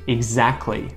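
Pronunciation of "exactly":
In 'exactly', the t is dropped.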